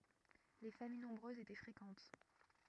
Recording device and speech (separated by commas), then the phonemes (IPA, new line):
rigid in-ear microphone, read sentence
le famij nɔ̃bʁøzz etɛ fʁekɑ̃t